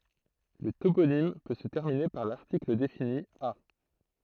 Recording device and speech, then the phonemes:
throat microphone, read sentence
lə toponim pø sə tɛʁmine paʁ laʁtikl defini a

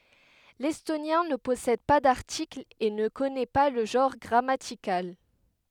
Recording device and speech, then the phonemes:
headset microphone, read sentence
lɛstonjɛ̃ nə pɔsɛd pa daʁtiklz e nə kɔnɛ pa lə ʒɑ̃ʁ ɡʁamatikal

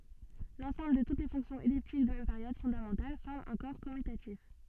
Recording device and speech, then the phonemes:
soft in-ear microphone, read sentence
lɑ̃sɑ̃bl də tut le fɔ̃ksjɔ̃z ɛliptik də mɛm peʁjod fɔ̃damɑ̃tal fɔʁm œ̃ kɔʁ kɔmytatif

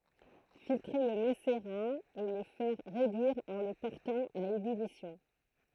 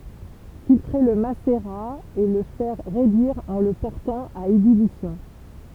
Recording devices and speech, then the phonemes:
throat microphone, temple vibration pickup, read sentence
filtʁe lə maseʁa e lə fɛʁ ʁedyiʁ ɑ̃ lə pɔʁtɑ̃ a ebylisjɔ̃

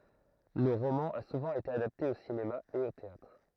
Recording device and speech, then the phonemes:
throat microphone, read sentence
lə ʁomɑ̃ a suvɑ̃ ete adapte o sinema e o teatʁ

